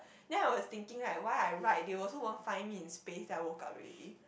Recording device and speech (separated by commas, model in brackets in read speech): boundary microphone, conversation in the same room